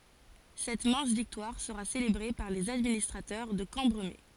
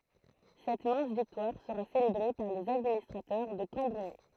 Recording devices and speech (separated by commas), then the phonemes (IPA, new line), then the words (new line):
forehead accelerometer, throat microphone, read sentence
sɛt mɛ̃s viktwaʁ səʁa selebʁe paʁ lez administʁatœʁ də kɑ̃bʁəme
Cette mince victoire sera célébrée par les administrateurs de Cambremer.